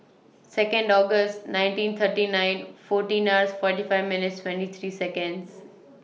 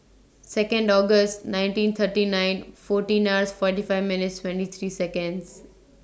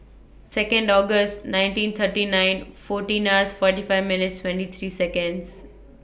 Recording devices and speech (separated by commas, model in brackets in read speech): mobile phone (iPhone 6), standing microphone (AKG C214), boundary microphone (BM630), read sentence